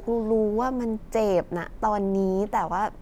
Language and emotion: Thai, frustrated